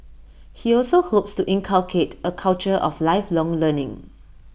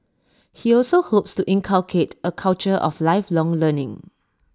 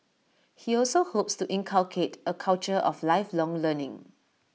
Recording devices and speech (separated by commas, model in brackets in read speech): boundary microphone (BM630), standing microphone (AKG C214), mobile phone (iPhone 6), read sentence